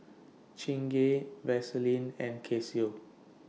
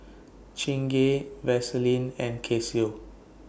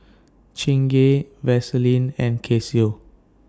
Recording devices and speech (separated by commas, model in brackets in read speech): mobile phone (iPhone 6), boundary microphone (BM630), standing microphone (AKG C214), read sentence